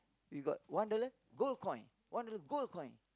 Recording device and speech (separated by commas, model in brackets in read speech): close-talking microphone, conversation in the same room